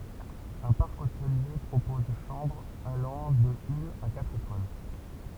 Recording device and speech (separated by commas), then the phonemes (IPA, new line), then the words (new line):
temple vibration pickup, read sentence
œ̃ paʁk otəlje pʁopɔz ʃɑ̃bʁz alɑ̃ də yn a katʁ etwal
Un parc hôtelier propose chambres allant de une à quatre étoiles.